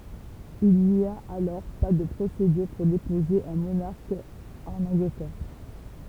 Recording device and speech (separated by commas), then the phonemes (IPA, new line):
temple vibration pickup, read sentence
il ni a alɔʁ pa də pʁosedyʁ puʁ depoze œ̃ monaʁk ɑ̃n ɑ̃ɡlətɛʁ